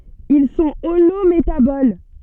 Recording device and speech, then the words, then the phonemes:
soft in-ear microphone, read sentence
Ils sont holométaboles.
il sɔ̃ olometabol

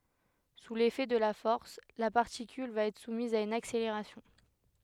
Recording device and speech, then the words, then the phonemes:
headset microphone, read sentence
Sous l'effet de la force, la particule va être soumise à une accélération.
su lefɛ də la fɔʁs la paʁtikyl va ɛtʁ sumiz a yn akseleʁasjɔ̃

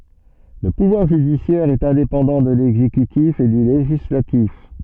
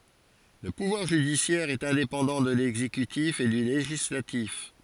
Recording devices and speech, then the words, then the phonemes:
soft in-ear microphone, forehead accelerometer, read sentence
Le pouvoir judiciaire est indépendant de l’exécutif et du législatif.
lə puvwaʁ ʒydisjɛʁ ɛt ɛ̃depɑ̃dɑ̃ də lɛɡzekytif e dy leʒislatif

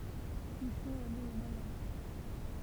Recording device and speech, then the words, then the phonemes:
temple vibration pickup, read sentence
Uchon est née au Moyen Âge.
yʃɔ̃ ɛ ne o mwajɛ̃ aʒ

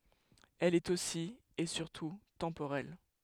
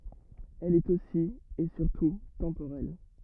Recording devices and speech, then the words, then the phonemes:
headset microphone, rigid in-ear microphone, read sentence
Elle est aussi, et surtout, temporelle.
ɛl ɛt osi e syʁtu tɑ̃poʁɛl

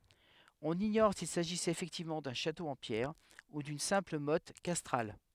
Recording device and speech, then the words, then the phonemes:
headset microphone, read sentence
On ignore s'il s'agissait effectivement d'un château en pierres ou d'une simple motte castrale.
ɔ̃n iɲɔʁ sil saʒisɛt efɛktivmɑ̃ dœ̃ ʃato ɑ̃ pjɛʁ u dyn sɛ̃pl mɔt kastʁal

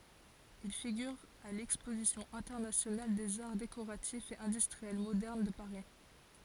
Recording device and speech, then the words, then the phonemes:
forehead accelerometer, read sentence
Il figure à l'exposition internationale des arts décoratifs et industriels modernes de Paris.
il fiɡyʁ a lɛkspozisjɔ̃ ɛ̃tɛʁnasjonal dez aʁ dekoʁatifz e ɛ̃dystʁiɛl modɛʁn də paʁi

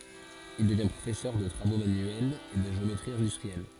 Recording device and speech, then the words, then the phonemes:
forehead accelerometer, read sentence
Il devient professeur de travaux manuels et de géométrie industrielle.
il dəvjɛ̃ pʁofɛsœʁ də tʁavo manyɛlz e də ʒeometʁi ɛ̃dystʁiɛl

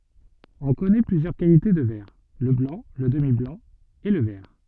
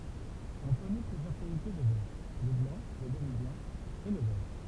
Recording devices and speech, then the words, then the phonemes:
soft in-ear microphone, temple vibration pickup, read sentence
On connaît plusieurs qualités de verre: le blanc, le demi-blanc et le vert.
ɔ̃ kɔnɛ plyzjœʁ kalite də vɛʁ lə blɑ̃ lə dəmiblɑ̃ e lə vɛʁ

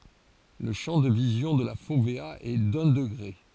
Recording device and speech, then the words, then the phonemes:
forehead accelerometer, read sentence
Le champ de vision de la fovéa est d'un degré.
lə ʃɑ̃ də vizjɔ̃ də la fovea ɛ dœ̃ dəɡʁe

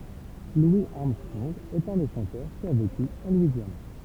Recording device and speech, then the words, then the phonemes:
temple vibration pickup, read sentence
Louis Armstrong est un des chanteurs qui a vécu en Louisiane.
lwi aʁmstʁɔ̃ɡ ɛt œ̃ de ʃɑ̃tœʁ ki a veky ɑ̃ lwizjan

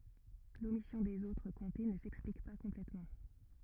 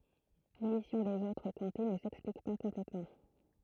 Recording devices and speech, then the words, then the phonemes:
rigid in-ear microphone, throat microphone, read sentence
L’omission des autres comtés ne s’explique pas complètement.
lomisjɔ̃ dez otʁ kɔ̃te nə sɛksplik pa kɔ̃plɛtmɑ̃

